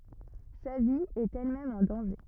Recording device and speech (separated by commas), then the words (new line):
rigid in-ear microphone, read sentence
Sa vie est elle-même en danger.